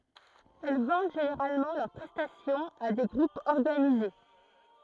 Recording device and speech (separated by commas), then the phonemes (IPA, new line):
throat microphone, read sentence
ɛl vɑ̃d ʒeneʁalmɑ̃ lœʁ pʁɛstasjɔ̃z a de ɡʁupz ɔʁɡanize